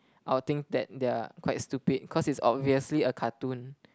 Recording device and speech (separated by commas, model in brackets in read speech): close-talking microphone, conversation in the same room